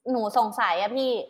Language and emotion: Thai, frustrated